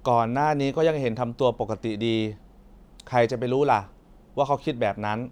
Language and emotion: Thai, frustrated